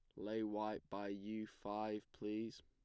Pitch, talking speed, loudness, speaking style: 105 Hz, 150 wpm, -46 LUFS, plain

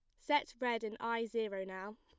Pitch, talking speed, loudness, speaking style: 230 Hz, 200 wpm, -38 LUFS, plain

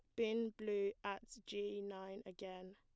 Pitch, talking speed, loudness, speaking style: 200 Hz, 140 wpm, -44 LUFS, plain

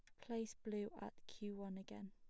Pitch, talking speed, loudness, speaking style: 205 Hz, 190 wpm, -50 LUFS, plain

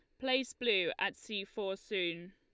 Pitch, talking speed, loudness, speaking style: 210 Hz, 170 wpm, -35 LUFS, Lombard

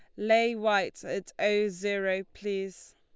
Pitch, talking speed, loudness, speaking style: 205 Hz, 130 wpm, -29 LUFS, Lombard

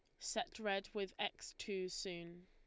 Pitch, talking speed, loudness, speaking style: 195 Hz, 160 wpm, -44 LUFS, Lombard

